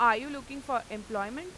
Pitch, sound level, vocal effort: 240 Hz, 97 dB SPL, very loud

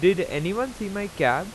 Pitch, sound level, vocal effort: 200 Hz, 92 dB SPL, loud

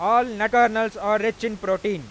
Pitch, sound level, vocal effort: 220 Hz, 103 dB SPL, very loud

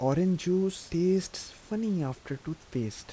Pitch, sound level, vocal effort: 175 Hz, 80 dB SPL, soft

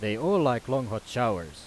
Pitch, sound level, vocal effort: 115 Hz, 92 dB SPL, loud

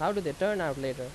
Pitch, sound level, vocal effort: 145 Hz, 87 dB SPL, loud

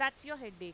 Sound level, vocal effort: 97 dB SPL, loud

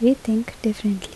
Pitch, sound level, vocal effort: 220 Hz, 74 dB SPL, normal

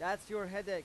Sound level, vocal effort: 97 dB SPL, loud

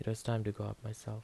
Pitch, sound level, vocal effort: 110 Hz, 75 dB SPL, soft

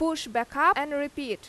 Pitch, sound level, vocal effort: 285 Hz, 91 dB SPL, very loud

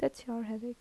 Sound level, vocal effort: 76 dB SPL, soft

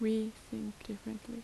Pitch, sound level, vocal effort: 220 Hz, 76 dB SPL, soft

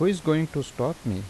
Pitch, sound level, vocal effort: 150 Hz, 82 dB SPL, normal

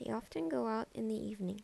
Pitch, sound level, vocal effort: 220 Hz, 77 dB SPL, soft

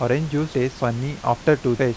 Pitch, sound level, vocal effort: 130 Hz, 86 dB SPL, normal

